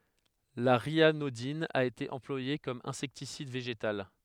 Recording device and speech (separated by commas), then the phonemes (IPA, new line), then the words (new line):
headset microphone, read sentence
la ʁjanodin a ete ɑ̃plwaje kɔm ɛ̃sɛktisid veʒetal
La ryanodine a été employée comme insecticide végétal.